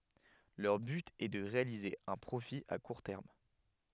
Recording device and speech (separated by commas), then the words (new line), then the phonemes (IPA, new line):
headset microphone, read sentence
Leur but est de réaliser un profit à court terme.
lœʁ byt ɛ də ʁealize œ̃ pʁofi a kuʁ tɛʁm